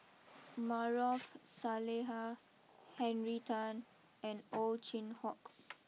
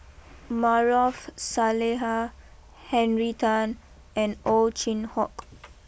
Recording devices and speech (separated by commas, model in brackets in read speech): mobile phone (iPhone 6), boundary microphone (BM630), read sentence